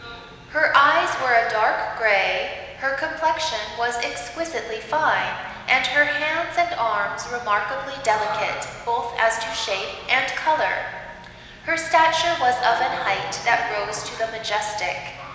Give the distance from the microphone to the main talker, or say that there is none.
1.7 m.